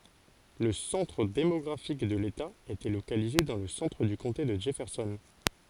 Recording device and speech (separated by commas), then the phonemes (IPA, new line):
forehead accelerometer, read sentence
lə sɑ̃tʁ demɔɡʁafik də leta etɛ lokalize dɑ̃ lə sɑ̃tʁ dy kɔ̃te də dʒɛfɛʁsɔn